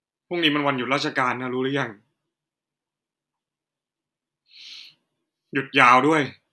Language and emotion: Thai, frustrated